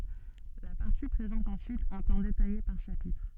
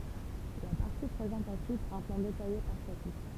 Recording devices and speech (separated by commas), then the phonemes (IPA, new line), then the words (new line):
soft in-ear microphone, temple vibration pickup, read sentence
la paʁti pʁezɑ̃t ɑ̃syit œ̃ plɑ̃ detaje paʁ ʃapitʁ
La partie présente ensuite un plan détaillé par chapitre.